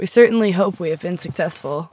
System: none